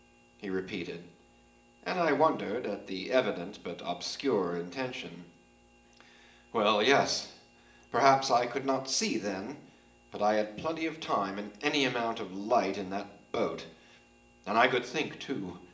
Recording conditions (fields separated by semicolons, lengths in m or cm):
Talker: one person; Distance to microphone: 1.8 m; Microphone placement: close; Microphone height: 1.0 m; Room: large; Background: none